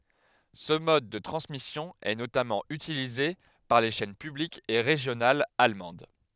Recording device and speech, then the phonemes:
headset microphone, read sentence
sə mɔd də tʁɑ̃smisjɔ̃ ɛ notamɑ̃ ytilize paʁ le ʃɛn pyblikz e ʁeʒjonalz almɑ̃d

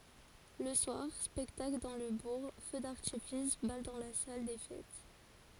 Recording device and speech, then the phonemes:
forehead accelerometer, read sentence
lə swaʁ spɛktakl dɑ̃ lə buʁ fø daʁtifis bal dɑ̃ la sal de fɛt

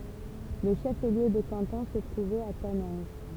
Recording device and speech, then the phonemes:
temple vibration pickup, read sentence
lə ʃəfliø də kɑ̃tɔ̃ sə tʁuvɛt a tanɛ̃ʒ

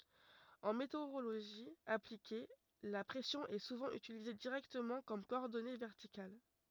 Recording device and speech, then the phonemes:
rigid in-ear microphone, read sentence
ɑ̃ meteoʁoloʒi aplike la pʁɛsjɔ̃ ɛ suvɑ̃ ytilize diʁɛktəmɑ̃ kɔm kɔɔʁdɔne vɛʁtikal

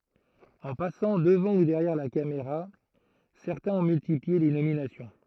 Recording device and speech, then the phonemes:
throat microphone, read sentence
ɑ̃ pasɑ̃ dəvɑ̃ u dɛʁjɛʁ la kameʁa sɛʁtɛ̃z ɔ̃ myltiplie le nominasjɔ̃

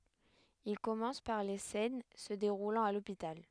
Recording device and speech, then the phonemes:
headset microphone, read sentence
il kɔmɑ̃s paʁ le sɛn sə deʁulɑ̃t a lopital

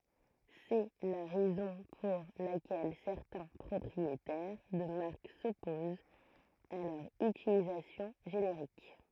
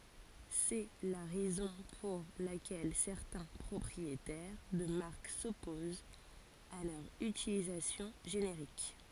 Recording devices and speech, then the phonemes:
throat microphone, forehead accelerometer, read sentence
sɛ la ʁɛzɔ̃ puʁ lakɛl sɛʁtɛ̃ pʁɔpʁietɛʁ də maʁk sɔpozt a lœʁ ytilizasjɔ̃ ʒeneʁik

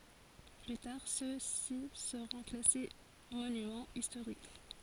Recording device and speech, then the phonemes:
forehead accelerometer, read sentence
ply taʁ søksi səʁɔ̃ klase monymɑ̃ istoʁik

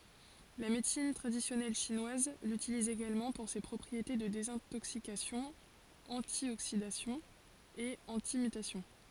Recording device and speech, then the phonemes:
forehead accelerometer, read sentence
la medəsin tʁadisjɔnɛl ʃinwaz lytiliz eɡalmɑ̃ puʁ se pʁɔpʁiete də dezɛ̃toksikasjɔ̃ ɑ̃tjoksidasjɔ̃ e ɑ̃timytasjɔ̃

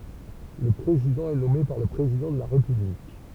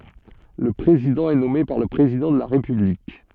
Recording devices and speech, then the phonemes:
temple vibration pickup, soft in-ear microphone, read sentence
lə pʁezidɑ̃ ɛ nɔme paʁ lə pʁezidɑ̃ də la ʁepyblik

